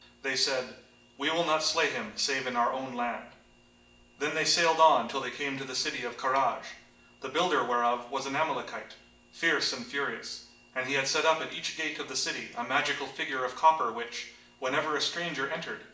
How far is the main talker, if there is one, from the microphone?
1.8 m.